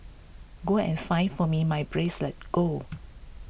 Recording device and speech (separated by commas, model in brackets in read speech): boundary microphone (BM630), read sentence